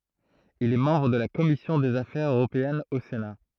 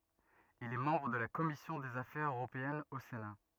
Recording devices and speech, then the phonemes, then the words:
throat microphone, rigid in-ear microphone, read sentence
il ɛ mɑ̃bʁ də la kɔmisjɔ̃ dez afɛʁz øʁopeɛnz o sena
Il est membre de la Commission des affaires européennes au Sénat.

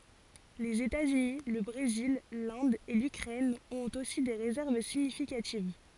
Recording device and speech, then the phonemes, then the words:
forehead accelerometer, read sentence
lez etaz yni lə bʁezil lɛ̃d e lykʁɛn ɔ̃t osi de ʁezɛʁv siɲifikativ
Les États-Unis, le Brésil, l'Inde et l'Ukraine ont aussi des réserves significatives.

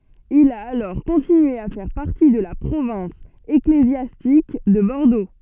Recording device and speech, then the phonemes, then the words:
soft in-ear microphone, read sentence
il a alɔʁ kɔ̃tinye a fɛʁ paʁti də la pʁovɛ̃s eklezjastik də bɔʁdo
Il a alors continué à faire partie de la province ecclésiastique de Bordeaux.

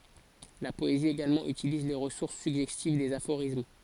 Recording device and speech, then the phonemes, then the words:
forehead accelerometer, read sentence
la pɔezi eɡalmɑ̃ ytiliz le ʁəsuʁs syɡʒɛstiv dez afoʁism
La poésie également utilise les ressources suggestives des aphorismes.

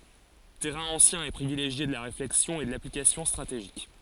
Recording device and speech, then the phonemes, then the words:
forehead accelerometer, read sentence
tɛʁɛ̃ ɑ̃sjɛ̃ e pʁivileʒje də la ʁeflɛksjɔ̃ e də laplikasjɔ̃ stʁateʒik
Terrain ancien et privilégié de la réflexion et de l'application stratégique.

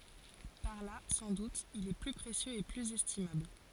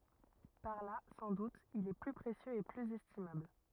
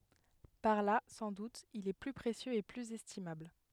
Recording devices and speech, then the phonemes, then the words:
forehead accelerometer, rigid in-ear microphone, headset microphone, read sentence
paʁ la sɑ̃ dut il ɛ ply pʁesjøz e plyz ɛstimabl
Par là, sans doute, il est plus précieux et plus estimable.

